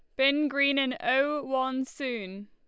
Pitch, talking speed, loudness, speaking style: 270 Hz, 160 wpm, -27 LUFS, Lombard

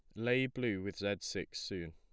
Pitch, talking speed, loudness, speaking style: 100 Hz, 210 wpm, -37 LUFS, plain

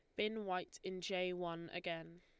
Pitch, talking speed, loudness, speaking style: 180 Hz, 180 wpm, -43 LUFS, Lombard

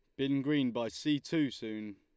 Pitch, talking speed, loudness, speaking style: 135 Hz, 205 wpm, -34 LUFS, Lombard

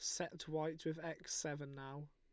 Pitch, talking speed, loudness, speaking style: 155 Hz, 185 wpm, -44 LUFS, Lombard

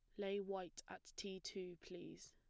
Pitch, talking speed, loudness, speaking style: 190 Hz, 170 wpm, -49 LUFS, plain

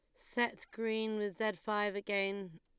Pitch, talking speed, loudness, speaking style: 210 Hz, 150 wpm, -36 LUFS, Lombard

